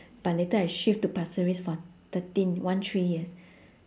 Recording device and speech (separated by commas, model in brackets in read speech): standing microphone, conversation in separate rooms